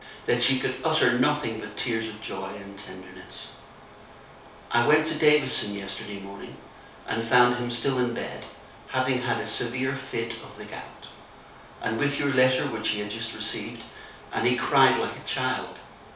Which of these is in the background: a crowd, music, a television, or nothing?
Nothing.